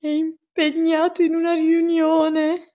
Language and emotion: Italian, fearful